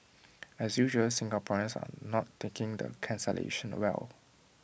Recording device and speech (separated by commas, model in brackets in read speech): boundary microphone (BM630), read sentence